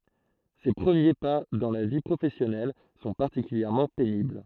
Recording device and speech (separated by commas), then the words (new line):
throat microphone, read sentence
Ses premiers pas dans la vie professionnelle sont particulièrement pénibles.